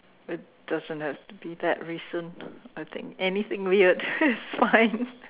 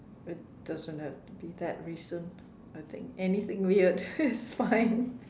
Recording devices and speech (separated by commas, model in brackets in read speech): telephone, standing microphone, conversation in separate rooms